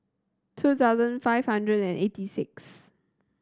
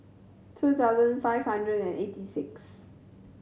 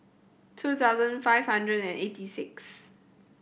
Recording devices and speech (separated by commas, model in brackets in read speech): standing microphone (AKG C214), mobile phone (Samsung C7100), boundary microphone (BM630), read sentence